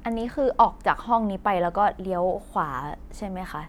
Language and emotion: Thai, neutral